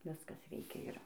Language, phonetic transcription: Lithuanian, ˈviskas ˈveikia ˈir

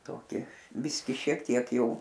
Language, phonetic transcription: Lithuanian, toˈki ˈbiski šiek ˈtiek jai

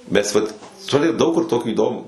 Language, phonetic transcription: Lithuanian, ˈmes ˈvat ˈturi ˈdaug kur ˈtokį įˈdomų

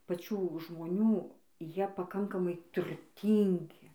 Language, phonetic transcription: Lithuanian, paˈčių žmoˈnių ˈjie paˈkankamai turˈtyngi

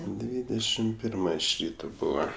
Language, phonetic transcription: Lithuanian, ˈdvydešim ˈpirma iš ˈryto ˈbūva

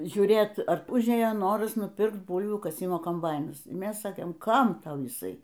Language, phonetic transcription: Lithuanian, žiūˈrėt ar ˈužėjo ˈnoras nuˈpirkt ˈbūlvių kaˈsimo komˈbainas ˈmes ˈsakėm ˈkam ˈtau jiˈsai

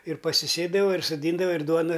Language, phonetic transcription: Lithuanian, ir pasiˈsėdava ir soˈdyndava ir ˈduona

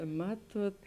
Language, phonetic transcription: Lithuanian, ˈmatuot

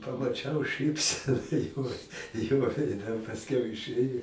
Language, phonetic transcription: Lithuanian, pamaˈčiau ˈšɨpsena jo jo veiˈde pasˈkiau iˈšɘja

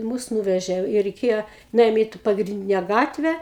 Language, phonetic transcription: Lithuanian, ˈmus ˈnūvežė i reiˈkėja nuˈėjom ˈį t ˌpagrinˈdine ˈgatvę

